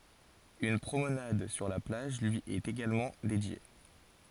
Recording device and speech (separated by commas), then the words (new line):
forehead accelerometer, read sentence
Une promenade sur la plage lui est également dédiée.